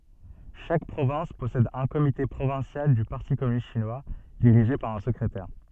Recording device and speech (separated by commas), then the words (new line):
soft in-ear microphone, read sentence
Chaque province possède un comité provincial du Parti communiste chinois, dirigé par un secrétaire.